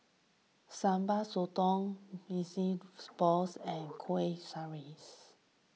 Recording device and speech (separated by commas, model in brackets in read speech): mobile phone (iPhone 6), read sentence